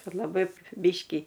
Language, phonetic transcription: Lithuanian, ˈkad laˈbai ˈbiškį

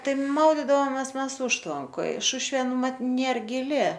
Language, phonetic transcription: Lithuanian, ˈtai ˈmaudidavomes ˈmes ˈužtvankoj ˈšušvė ˈmat ˈnėr giˈli

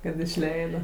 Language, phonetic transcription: Lithuanian, kad išˈleida

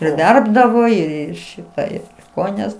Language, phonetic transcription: Lithuanian, ir ˈverpdavo ir ir ˈšitą ir ˈkojines

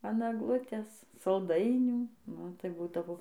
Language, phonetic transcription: Lithuanian, an agˈlutės salˈdainių ˈnu tai ˈbūdavo

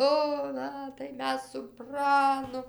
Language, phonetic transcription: Lithuanian, ˈo ˈna tai ˈmes su ˈpranu

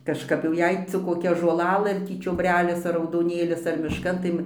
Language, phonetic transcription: Lithuanian, kažˈkap jau ˈjei cik koˈkia žolaˈlɘ ar ˈtį čiobˈrelis ar raudoˈnėlis ar mišˈkan tai

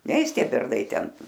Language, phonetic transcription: Lithuanian, ˈneis ˈtie ˈbernai ˈten

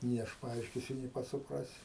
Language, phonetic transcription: Lithuanian, nė ˈaš paˈaiškisiu nė ˈpats suˈprasi

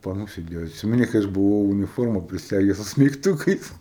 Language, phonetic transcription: Lithuanian, paˈnų sėˈdėjo atˈsimeni kai ˈaš buˈvau uniˈforma priˈseges su smeigˈtukais

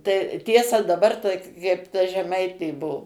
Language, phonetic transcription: Lithuanian, tai ˈtiesa dabar ta kaip ta žeˈmaitė ˈbuo

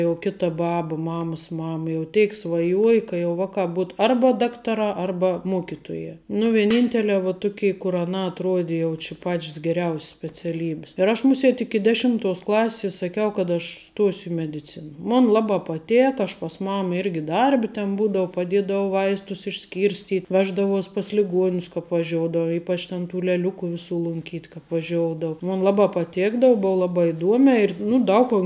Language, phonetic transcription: Lithuanian, jau ˈkita ˈbaba ˈmamas ˈmama jau ˈteik svaˈjuoji ka jau ˈvaˌkā ˈbūtu ˈarba ˈdaktaˌrā ˈarba ˈmuokituojā nu vieˈnyntele va ˈtukei kur aˈnā atˈruodi jau či ˈpačˈs geˈriaus's speciaˈlybis ir aš muˈsėt iki deˈšimtuos ˈklasis saˈkiau kad aš ˈstuosiu i mediˈcina ˈmon ˈlabā ˈpatėka aš pas ˈmama ˈirgi ˈdarbi ten ˈbūdou paˈdėdau ˈvaistus išˈskyrstyt' ˈveždavuos' pas liˈguonius kāp vaˈžiodava ˈypač ten tų leˈliuku viˈsų lunˈkyt' kāp vaˈžioudava ˈmon ˈlaˌbā paˈtėkdava ˈbou ˈlabā iˈduomiā ir ˈnu ˈdaug kun

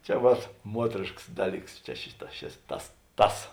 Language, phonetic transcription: Lithuanian, čia ˈvat ˈmuotrėškas ˈdaˌlyks čia ˈšiˌtā šis ˈtas ˈtas

